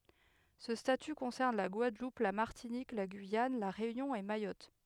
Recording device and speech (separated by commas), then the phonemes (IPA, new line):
headset microphone, read sentence
sə staty kɔ̃sɛʁn la ɡwadlup la maʁtinik la ɡyijan la ʁeynjɔ̃ e majɔt